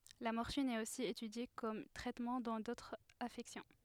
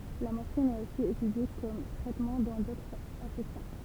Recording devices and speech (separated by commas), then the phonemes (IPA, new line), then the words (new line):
headset microphone, temple vibration pickup, read sentence
la mɔʁfin ɛt osi etydje kɔm tʁɛtmɑ̃ dɑ̃ dotʁz afɛksjɔ̃
La morphine est aussi étudiée comme traitement dans d'autres affections.